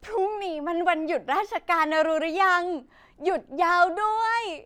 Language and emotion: Thai, happy